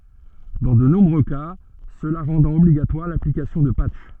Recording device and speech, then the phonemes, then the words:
soft in-ear microphone, read sentence
dɑ̃ də nɔ̃bʁø ka səla ʁɑ̃dɑ̃t ɔbliɡatwaʁ laplikasjɔ̃ də patʃ
Dans de nombreux cas, cela rendant obligatoire l'application de patchs.

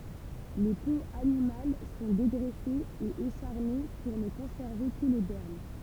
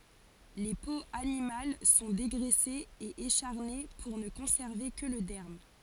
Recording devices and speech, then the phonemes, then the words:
temple vibration pickup, forehead accelerometer, read sentence
le poz animal sɔ̃ deɡʁɛsez e eʃaʁne puʁ nə kɔ̃sɛʁve kə lə dɛʁm
Les peaux animales sont dégraissées et écharnées pour ne conserver que le derme.

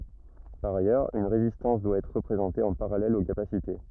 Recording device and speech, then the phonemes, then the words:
rigid in-ear microphone, read sentence
paʁ ajœʁz yn ʁezistɑ̃s dwa ɛtʁ ʁəpʁezɑ̃te ɑ̃ paʁalɛl o kapasite
Par ailleurs, une résistance doit être représentée en parallèle aux capacités.

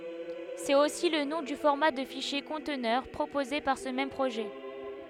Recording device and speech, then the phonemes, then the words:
headset microphone, read sentence
sɛt osi lə nɔ̃ dy fɔʁma də fiʃje kɔ̃tnœʁ pʁopoze paʁ sə mɛm pʁoʒɛ
C’est aussi le nom du format de fichier conteneur proposé par ce même projet.

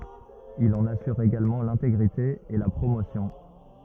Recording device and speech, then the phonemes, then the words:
rigid in-ear microphone, read sentence
il ɑ̃n asyʁ eɡalmɑ̃ lɛ̃teɡʁite e la pʁomosjɔ̃
Il en assure également l'intégrité et la promotion.

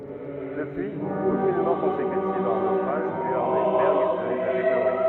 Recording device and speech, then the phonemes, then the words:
rigid in-ear microphone, read sentence
dəpyiz okyn mɔʁ kɔ̃sekytiv a œ̃ nofʁaʒ dy a œ̃n ajsbɛʁɡ nɛt a deploʁe
Depuis, aucune mort consécutive à un naufrage dû à un iceberg n'est à déplorer.

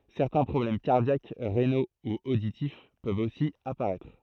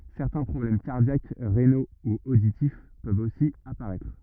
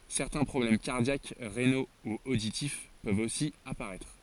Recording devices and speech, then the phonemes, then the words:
throat microphone, rigid in-ear microphone, forehead accelerometer, read sentence
sɛʁtɛ̃ pʁɔblɛm kaʁdjak ʁeno u oditif pøvt osi apaʁɛtʁ
Certains problèmes cardiaques, rénaux ou auditifs peuvent aussi apparaître.

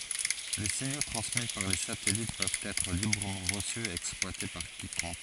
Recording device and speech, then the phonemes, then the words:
forehead accelerometer, read sentence
le siɲo tʁɑ̃smi paʁ le satɛlit pøvt ɛtʁ libʁəmɑ̃ ʁəsy e ɛksplwate paʁ kikɔ̃k
Les signaux transmis par les satellites peuvent être librement reçus et exploités par quiconque.

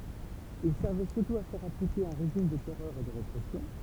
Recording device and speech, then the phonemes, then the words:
temple vibration pickup, read sentence
il sɛʁvɛ syʁtu a fɛʁ aplike œ̃ ʁeʒim də tɛʁœʁ e də ʁepʁɛsjɔ̃
Il servait surtout à faire appliquer un régime de terreur et de répression.

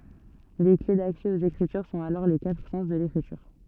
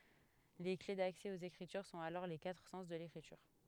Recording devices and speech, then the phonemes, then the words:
soft in-ear microphone, headset microphone, read sentence
le kle daksɛ oz ekʁityʁ sɔ̃t alɔʁ le katʁ sɑ̃s də lekʁityʁ
Les clés d'accès aux Écritures sont alors les quatre sens de l'Écriture.

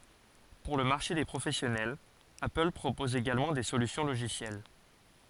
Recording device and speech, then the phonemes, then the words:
forehead accelerometer, read sentence
puʁ lə maʁʃe de pʁofɛsjɔnɛl apəl pʁopɔz eɡalmɑ̃ de solysjɔ̃ loʒisjɛl
Pour le marché des professionnels, Apple propose également des solutions logicielles.

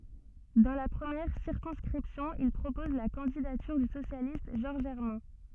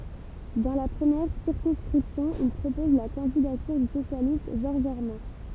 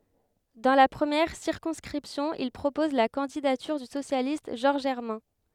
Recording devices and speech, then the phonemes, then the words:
soft in-ear microphone, temple vibration pickup, headset microphone, read sentence
dɑ̃ la pʁəmjɛʁ siʁkɔ̃skʁipsjɔ̃ il pʁopɔz la kɑ̃didatyʁ dy sosjalist ʒɔʁʒ ɛʁmɛ̃
Dans la première circonscription, il propose la candidature du socialiste Georges Hermin.

